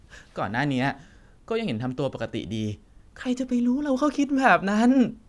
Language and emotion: Thai, happy